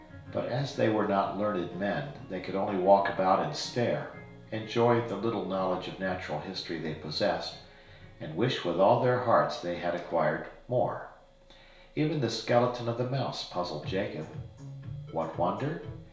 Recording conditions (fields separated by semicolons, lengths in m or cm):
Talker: one person; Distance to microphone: 1.0 m; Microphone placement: close; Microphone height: 1.1 m; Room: small (3.7 m by 2.7 m); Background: music